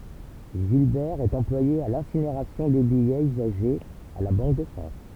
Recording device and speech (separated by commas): temple vibration pickup, read sentence